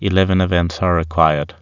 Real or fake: real